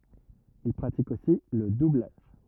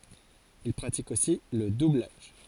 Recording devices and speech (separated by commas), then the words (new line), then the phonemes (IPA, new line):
rigid in-ear microphone, forehead accelerometer, read sentence
Il pratique aussi le doublage.
il pʁatik osi lə dublaʒ